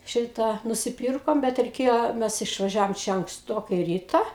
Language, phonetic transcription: Lithuanian, ˈšitą nusiˈpyrkom ˈbet reiˈkėjo ˈmes išvaˈžiavom ˈčia anksˈtokai ˈryta

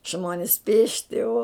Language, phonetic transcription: Lithuanian, ˈžmonis ˈpėšti o

